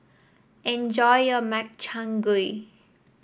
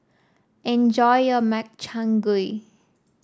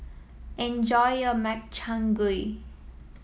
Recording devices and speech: boundary microphone (BM630), standing microphone (AKG C214), mobile phone (iPhone 7), read sentence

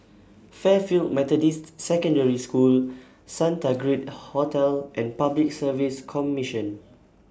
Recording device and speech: standing microphone (AKG C214), read sentence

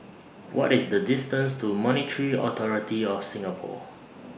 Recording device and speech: boundary microphone (BM630), read sentence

